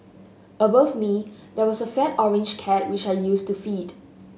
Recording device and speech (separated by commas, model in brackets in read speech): mobile phone (Samsung S8), read sentence